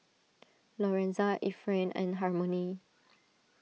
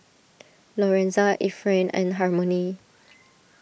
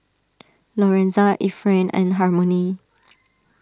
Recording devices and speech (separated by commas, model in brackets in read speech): mobile phone (iPhone 6), boundary microphone (BM630), standing microphone (AKG C214), read sentence